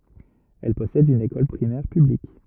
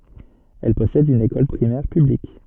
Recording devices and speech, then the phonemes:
rigid in-ear microphone, soft in-ear microphone, read sentence
ɛl pɔsɛd yn ekɔl pʁimɛʁ pyblik

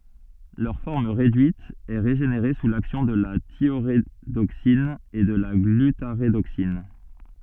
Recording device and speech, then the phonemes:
soft in-ear microphone, read sentence
lœʁ fɔʁm ʁedyit ɛ ʁeʒeneʁe su laksjɔ̃ də la tjoʁedoksin u də la ɡlytaʁedoksin

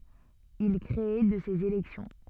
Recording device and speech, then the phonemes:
soft in-ear microphone, read sentence
il kʁe də sez elɛksjɔ̃

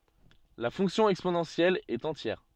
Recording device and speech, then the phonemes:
soft in-ear microphone, read sentence
la fɔ̃ksjɔ̃ ɛksponɑ̃sjɛl ɛt ɑ̃tjɛʁ

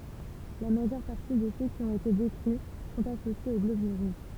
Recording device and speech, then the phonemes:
temple vibration pickup, read sentence
la maʒœʁ paʁti də sø ki ɔ̃t ete dekʁi sɔ̃t asosjez o ɡlobyl ʁuʒ

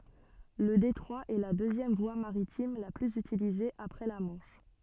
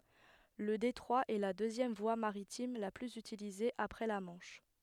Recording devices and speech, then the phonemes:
soft in-ear microphone, headset microphone, read sentence
lə detʁwa ɛ la døzjɛm vwa maʁitim la plyz ytilize apʁɛ la mɑ̃ʃ

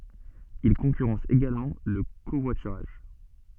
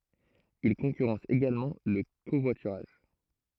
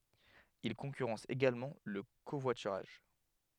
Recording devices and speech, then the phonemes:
soft in-ear microphone, throat microphone, headset microphone, read sentence
il kɔ̃kyʁɑ̃s eɡalmɑ̃ lə kovwatyʁaʒ

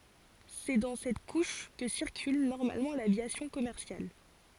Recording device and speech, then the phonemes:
forehead accelerometer, read sentence
sɛ dɑ̃ sɛt kuʃ kə siʁkyl nɔʁmalmɑ̃ lavjasjɔ̃ kɔmɛʁsjal

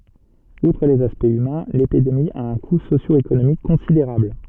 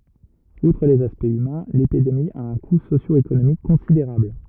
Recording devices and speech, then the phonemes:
soft in-ear microphone, rigid in-ear microphone, read sentence
utʁ lez aspɛktz ymɛ̃ lepidemi a œ̃ ku sosjoekonomik kɔ̃sideʁabl

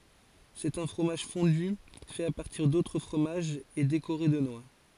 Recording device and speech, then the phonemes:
forehead accelerometer, read sentence
sɛt œ̃ fʁomaʒ fɔ̃dy fɛt a paʁtiʁ dotʁ fʁomaʒz e dekoʁe də nwa

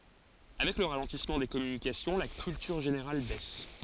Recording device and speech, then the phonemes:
forehead accelerometer, read sentence
avɛk lə ʁalɑ̃tismɑ̃ de kɔmynikasjɔ̃ la kyltyʁ ʒeneʁal bɛs

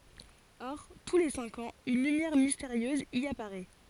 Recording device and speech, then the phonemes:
forehead accelerometer, read sentence
ɔʁ tu le sɛ̃k ɑ̃z yn lymjɛʁ misteʁjøz i apaʁɛ

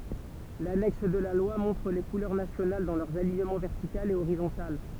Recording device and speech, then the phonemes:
temple vibration pickup, read sentence
lanɛks də la lwa mɔ̃tʁ le kulœʁ nasjonal dɑ̃ lœʁz aliɲəmɑ̃ vɛʁtikal e oʁizɔ̃tal

